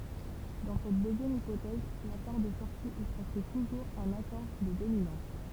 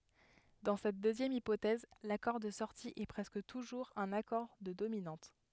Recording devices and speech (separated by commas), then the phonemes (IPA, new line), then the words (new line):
temple vibration pickup, headset microphone, read sentence
dɑ̃ sɛt døzjɛm ipotɛz lakɔʁ də sɔʁti ɛ pʁɛskə tuʒuʁz œ̃n akɔʁ də dominɑ̃t
Dans cette deuxième hypothèse, l'accord de sortie est presque toujours un accord de dominante.